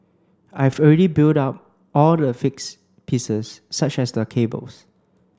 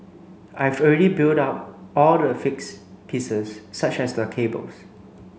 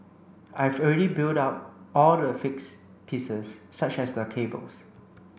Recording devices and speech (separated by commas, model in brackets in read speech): close-talking microphone (WH30), mobile phone (Samsung C9), boundary microphone (BM630), read sentence